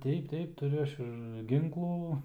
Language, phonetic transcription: Lithuanian, ˈteip ˈteip tuˈriu ˈaš ir ˈginklų

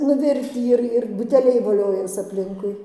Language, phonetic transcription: Lithuanian, nuˈvirtį ˈir ir buteˈliai voˈliojas apˈlinkui

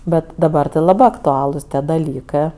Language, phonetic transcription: Lithuanian, ˈbet daˈbar tɜ laˈbɜ aktuˈalus tie daˈlykɜ

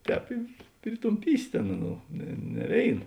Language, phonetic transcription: Lithuanian, ˈtēp i pritumˈpysi ˈtėn ˈaˌnų ne ne ˈvėin

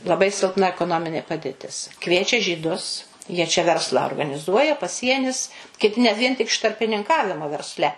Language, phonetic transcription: Lithuanian, laˈbai silˈpna ekoˈnominė padėˈtis ˈkviečia žyˈdus jie čia ˈverslą organiˈzuoja paˈsienis kiˈti net ˈvien ˈtik iš tarpininˈkavimo verˈsle

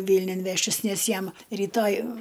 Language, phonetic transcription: Lithuanian, ˈvylniun ˈveštis ˈnes ˈjam ryˈtoj

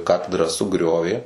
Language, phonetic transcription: Lithuanian, ˈkatedrą suˈgriovė

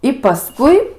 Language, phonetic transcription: Lithuanian, i paˈskui

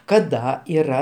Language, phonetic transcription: Lithuanian, kaˈda yˈra

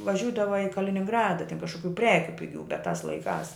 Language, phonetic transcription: Lithuanian, vaˈžiūdava i kalininˈgrada tin kažkuˈkių ˈprekiu piˈgių bet tas laiˈkās

